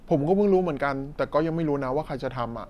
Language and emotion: Thai, frustrated